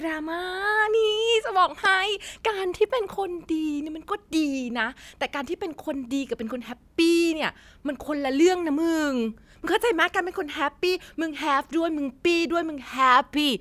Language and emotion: Thai, happy